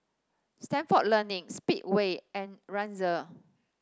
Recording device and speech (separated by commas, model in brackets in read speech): standing microphone (AKG C214), read sentence